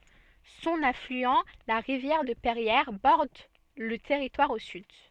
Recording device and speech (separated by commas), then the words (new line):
soft in-ear microphone, read sentence
Son affluent, la rivière de Perrières, borde le territoire au sud.